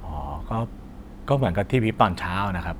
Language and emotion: Thai, neutral